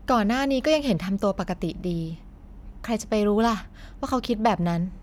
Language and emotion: Thai, neutral